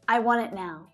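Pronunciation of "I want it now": In 'I want it now', 'it' is unstressed, with a schwa sound. It ends in a stop T, so no air is released.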